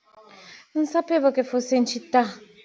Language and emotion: Italian, surprised